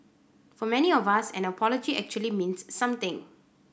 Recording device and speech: boundary microphone (BM630), read sentence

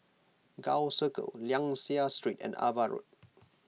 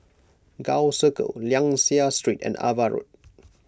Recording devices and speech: mobile phone (iPhone 6), close-talking microphone (WH20), read sentence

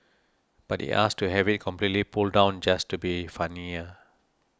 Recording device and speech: standing microphone (AKG C214), read sentence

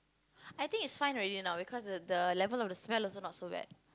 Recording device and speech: close-talking microphone, conversation in the same room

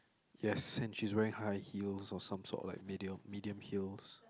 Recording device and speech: close-talking microphone, conversation in the same room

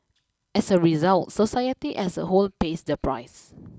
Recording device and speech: close-talking microphone (WH20), read sentence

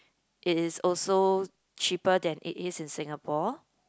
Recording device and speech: close-talking microphone, conversation in the same room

